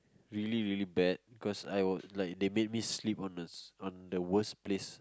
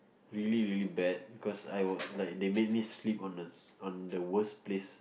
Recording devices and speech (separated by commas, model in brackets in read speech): close-talking microphone, boundary microphone, conversation in the same room